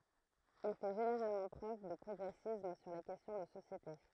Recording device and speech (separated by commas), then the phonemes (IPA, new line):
throat microphone, read sentence
il fɛ ʒeneʁalmɑ̃ pʁøv də pʁɔɡʁɛsism syʁ le kɛstjɔ̃ də sosjete